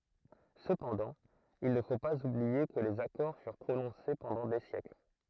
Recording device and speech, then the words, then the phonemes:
throat microphone, read sentence
Cependant, il ne faut pas oublier que les accords furent prononcés pendant des siècles.
səpɑ̃dɑ̃ il nə fo paz ublie kə lez akɔʁ fyʁ pʁonɔ̃se pɑ̃dɑ̃ de sjɛkl

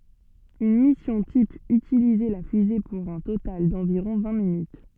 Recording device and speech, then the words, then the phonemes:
soft in-ear microphone, read sentence
Une mission type utilisait la fusée pour un total d’environ vingt minutes.
yn misjɔ̃ tip ytilizɛ la fyze puʁ œ̃ total dɑ̃viʁɔ̃ vɛ̃ minyt

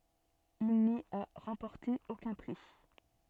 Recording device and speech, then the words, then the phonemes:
soft in-ear microphone, read sentence
Il n'y a remporté aucun prix.
il ni a ʁɑ̃pɔʁte okœ̃ pʁi

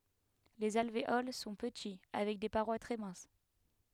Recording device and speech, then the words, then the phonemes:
headset microphone, read sentence
Les alvéoles sont petits avec des parois très minces.
lez alveol sɔ̃ pəti avɛk de paʁwa tʁɛ mɛ̃s

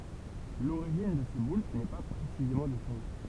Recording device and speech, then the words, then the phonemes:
temple vibration pickup, read sentence
L'origine de ces boules n'est pas précisément définie.
loʁiʒin də se bul nɛ pa pʁesizemɑ̃ defini

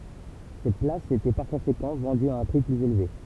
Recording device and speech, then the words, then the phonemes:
temple vibration pickup, read sentence
Ces places étaient par conséquent vendues à un prix plus élevé.
se plasz etɛ paʁ kɔ̃sekɑ̃ vɑ̃dyz a œ̃ pʁi plyz elve

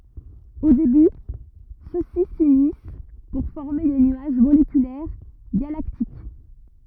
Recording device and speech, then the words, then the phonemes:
rigid in-ear microphone, read sentence
Au début, ceux-ci s'unissent pour former des nuages moléculaires galactiques.
o deby sø si synis puʁ fɔʁme de nyaʒ molekylɛʁ ɡalaktik

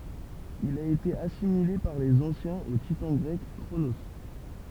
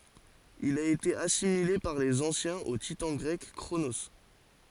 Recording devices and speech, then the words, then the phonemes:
temple vibration pickup, forehead accelerometer, read sentence
Il a été assimilé par les anciens au titan grec Cronos.
il a ete asimile paʁ lez ɑ̃sjɛ̃z o titɑ̃ ɡʁɛk kʁono

